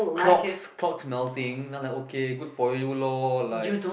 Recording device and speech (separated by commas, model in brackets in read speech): boundary microphone, conversation in the same room